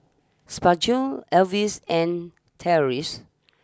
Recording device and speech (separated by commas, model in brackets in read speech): standing microphone (AKG C214), read sentence